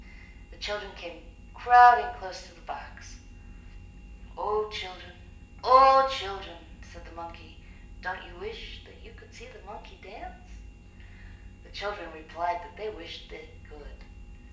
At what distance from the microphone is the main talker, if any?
1.8 m.